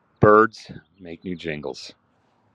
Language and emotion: English, sad